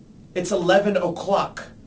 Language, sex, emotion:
English, male, angry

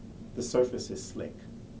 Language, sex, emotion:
English, male, neutral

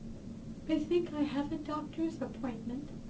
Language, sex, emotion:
English, female, fearful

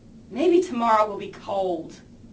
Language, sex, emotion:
English, female, disgusted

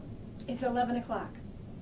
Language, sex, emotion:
English, female, neutral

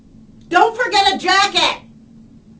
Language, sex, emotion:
English, female, angry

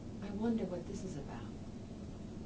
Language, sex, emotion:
English, female, neutral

